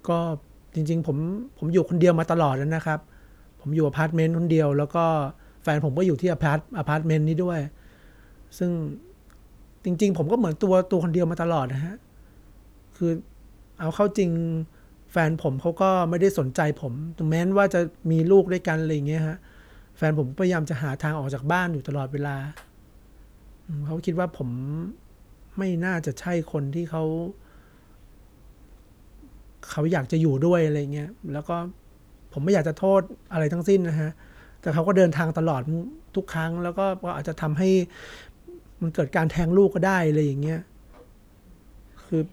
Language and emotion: Thai, sad